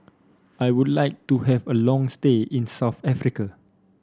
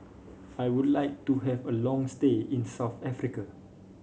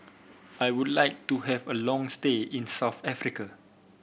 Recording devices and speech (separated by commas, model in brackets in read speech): standing microphone (AKG C214), mobile phone (Samsung C5), boundary microphone (BM630), read sentence